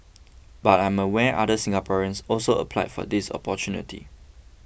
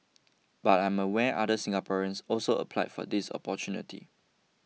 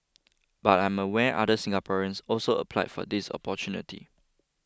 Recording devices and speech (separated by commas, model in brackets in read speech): boundary microphone (BM630), mobile phone (iPhone 6), close-talking microphone (WH20), read sentence